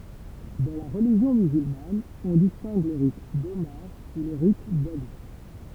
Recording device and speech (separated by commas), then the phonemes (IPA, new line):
temple vibration pickup, read sentence
dɑ̃ la ʁəliʒjɔ̃ myzylman ɔ̃ distɛ̃ɡ lə ʁit domaʁ u lə ʁit dali